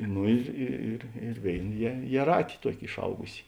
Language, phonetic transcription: Lithuanian, ˈno ir ˈi ir ir ˈvėin jie jieˈrāti ˈtuoki išˈaugusi

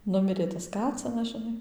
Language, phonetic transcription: Lithuanian, ˈnumirė tas ˈkacinas žiˈnai

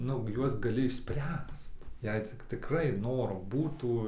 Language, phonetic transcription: Lithuanian, ˈnu ˈjuos gaˈli išˈspręst ˈjei cik tikˈrai ˈnoro ˈbūtų

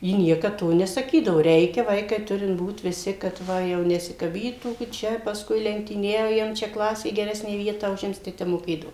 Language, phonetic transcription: Lithuanian, ˈji ˈniekad ˈto nesaˈkydavo ˈreikia ˈvaikai ˈturint ˈbūt viˈsi kad ˈva jau nesikaˈbytų gi ˈčia pasˈkui lenktyˈniaujam čia ˈklasė geˈresnę ˈvietą uˈžims tai ˈtep moˈkėdavo

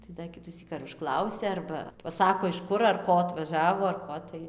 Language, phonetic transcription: Lithuanian, tai da ˈkitusyk ar užˈklausia ˈarba paˈsako iš ˈkur ar ˈko atvaˈžavo ar ˈko tai

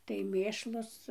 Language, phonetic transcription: Lithuanian, tai ˈmėšlus

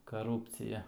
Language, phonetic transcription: Lithuanian, kaˈrūpcija

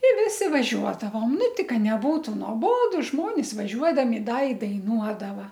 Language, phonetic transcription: Lithuanian, i ˈvisi vaˈžiuodavom ˈnu ˈti ˈka neˈbūtu noˈbodu ˈžmonis vaˈžiuodami ˈda i daiˈnuodava

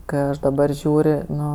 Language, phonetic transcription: Lithuanian, kɜ ˈaš daˈbar ˈžiūr' ˈnu

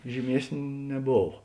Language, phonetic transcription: Lithuanian, žyˈmiesn' neˈbov

